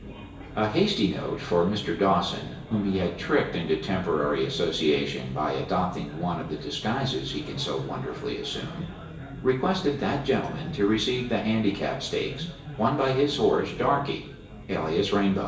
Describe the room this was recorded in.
A spacious room.